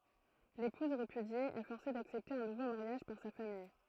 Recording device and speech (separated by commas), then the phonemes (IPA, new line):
throat microphone, read sentence
lepuz ʁepydje ɛ fɔʁse daksɛpte œ̃ nuvo maʁjaʒ paʁ sa famij